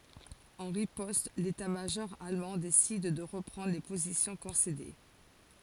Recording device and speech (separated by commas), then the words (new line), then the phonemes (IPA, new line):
forehead accelerometer, read sentence
En riposte, l'état-major allemand décide de reprendre les positions concédées.
ɑ̃ ʁipɔst letatmaʒɔʁ almɑ̃ desid də ʁəpʁɑ̃dʁ le pozisjɔ̃ kɔ̃sede